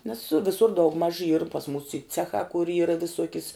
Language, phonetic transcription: Lithuanian, nes ˈvisur daugˈmaž yr pas mūs y ˈcechā kur ˈyra viˈsuokis

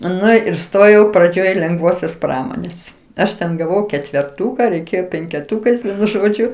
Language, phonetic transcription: Lithuanian, ˈnu ir ˈstojau praˈdžioj lengˈvosios ˈpramonės ˈaš ten gaˈvau ketverˈtūka reiˈkėjo penkeˈtūkais žoˈdžiu

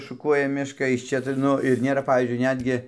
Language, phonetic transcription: Lithuanian, šuˈkuoja ˈmiška iš ˈčia tai ˈnu ir ˈnėra ˈpavyzdžiui ˈnetgi

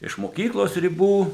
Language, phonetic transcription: Lithuanian, iš moˈkyklos riˈbų

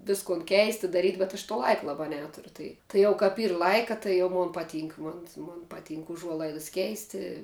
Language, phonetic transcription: Lithuanian, ˈviskon ˈkeisti daˈryt' bet aš to ˈlaika laˈbā ˈneturiu ˈtai tai ˈjau kap ˈyr ˈlaika tai ˈjau ˈmon paˈtynk ˈmon mon paˈtynk uˈžuolaidas ˈkeisti

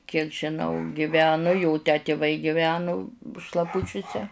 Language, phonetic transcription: Lithuanian, kiek žiˈnau giˈvenu ˈjo tę tėˈvai giˈvenu šlaˈpučiuse

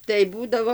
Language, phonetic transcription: Lithuanian, tai ˈbūdavo

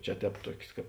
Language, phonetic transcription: Lithuanian, ˈčia ˈtēp ˈtuok's' ˈkāp

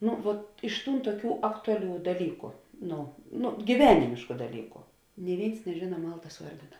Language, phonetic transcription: Lithuanian, ˈnu vuot iš ˈtūn tuoˈkių ˈaktuaˌlių daˈlyku ˈno no gyˈvenimėšku daˈlyku ni ˈvėins neˈžėna ˈmaltas ˈuordina

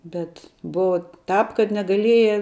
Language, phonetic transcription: Lithuanian, ˈbet ˈbuva tāp kad negaˈlieja

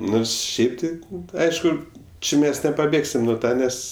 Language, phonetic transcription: Lithuanian, ˈnors ˈšiaip tai ˈaišku ˈči ˈmes nepaˈbėgsim nu ˈtą ˈnes

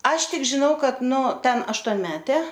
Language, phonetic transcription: Lithuanian, ˈaš ˈtik žiˈnau ˈkad nu ˈten aštuonˈmetė

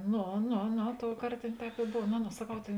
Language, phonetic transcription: Lithuanian, ˈno ˈno ˈno ˈtouˌkart ˈtėn ˈtēp i ˈbov no no saˈkau ˈtėn

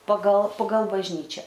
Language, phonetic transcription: Lithuanian, pagal pagal bažˈnyčia

